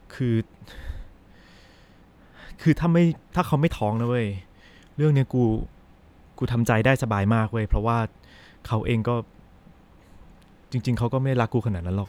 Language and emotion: Thai, sad